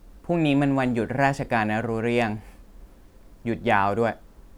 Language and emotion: Thai, neutral